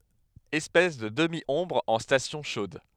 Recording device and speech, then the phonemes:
headset microphone, read sentence
ɛspɛs də dəmjɔ̃bʁ ɑ̃ stasjɔ̃ ʃod

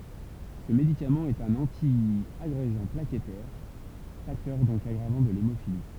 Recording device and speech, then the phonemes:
temple vibration pickup, read sentence
sə medikamɑ̃ ɛt œ̃n ɑ̃tjaɡʁeɡɑ̃ plakɛtɛʁ faktœʁ dɔ̃k aɡʁavɑ̃ də lemofili

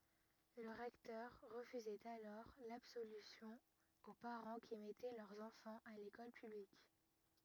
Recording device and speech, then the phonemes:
rigid in-ear microphone, read sentence
lə ʁɛktœʁ ʁəfyzɛt alɔʁ labsolysjɔ̃ o paʁɑ̃ ki mɛtɛ lœʁz ɑ̃fɑ̃z a lekɔl pyblik

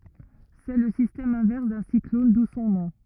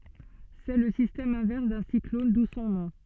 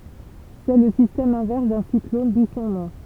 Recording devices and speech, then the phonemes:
rigid in-ear microphone, soft in-ear microphone, temple vibration pickup, read sentence
sɛ lə sistɛm ɛ̃vɛʁs dœ̃ siklɔn du sɔ̃ nɔ̃

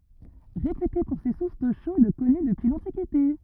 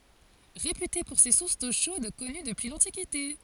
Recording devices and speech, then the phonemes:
rigid in-ear microphone, forehead accelerometer, read sentence
ʁepyte puʁ se suʁs do ʃod kɔny dəpyi lɑ̃tikite

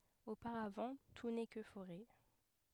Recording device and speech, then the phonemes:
headset microphone, read sentence
opaʁavɑ̃ tu nɛ kə foʁɛ

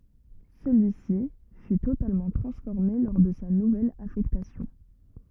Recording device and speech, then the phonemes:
rigid in-ear microphone, read sentence
səlyisi fy totalmɑ̃ tʁɑ̃sfɔʁme lɔʁ də sa nuvɛl afɛktasjɔ̃

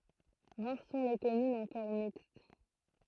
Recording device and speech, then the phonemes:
throat microphone, read sentence
ʁaʁ sɔ̃ le kɔmynz ɑ̃kɔʁ mikst

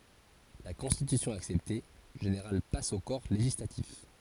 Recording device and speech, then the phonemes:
forehead accelerometer, read sentence
la kɔ̃stitysjɔ̃ aksɛpte lə ʒeneʁal pas o kɔʁ leʒislatif

